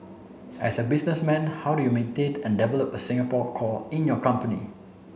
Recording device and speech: mobile phone (Samsung C7), read sentence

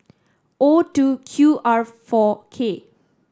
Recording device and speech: standing microphone (AKG C214), read sentence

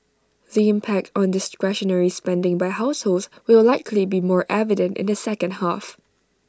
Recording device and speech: standing microphone (AKG C214), read sentence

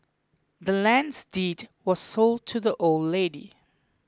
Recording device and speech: close-talking microphone (WH20), read sentence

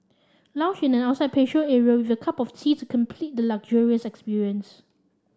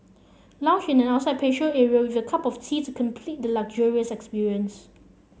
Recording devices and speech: standing microphone (AKG C214), mobile phone (Samsung C7), read sentence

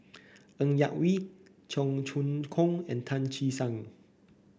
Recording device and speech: boundary microphone (BM630), read sentence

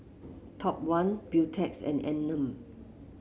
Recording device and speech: mobile phone (Samsung C7), read sentence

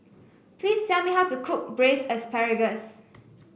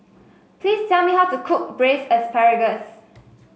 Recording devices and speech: boundary microphone (BM630), mobile phone (Samsung S8), read sentence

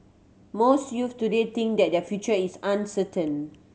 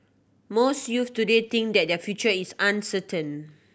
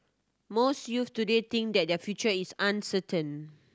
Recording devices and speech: mobile phone (Samsung C7100), boundary microphone (BM630), standing microphone (AKG C214), read sentence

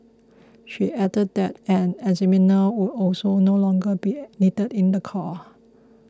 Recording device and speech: close-talking microphone (WH20), read sentence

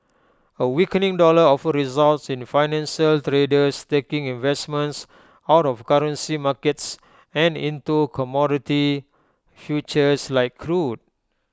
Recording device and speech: close-talking microphone (WH20), read sentence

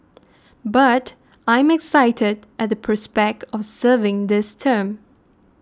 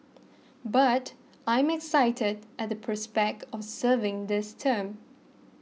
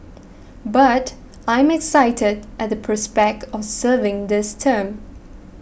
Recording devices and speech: standing microphone (AKG C214), mobile phone (iPhone 6), boundary microphone (BM630), read sentence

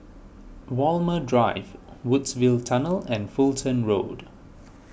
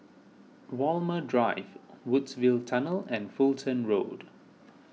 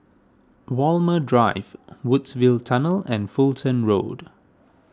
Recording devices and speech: boundary microphone (BM630), mobile phone (iPhone 6), standing microphone (AKG C214), read sentence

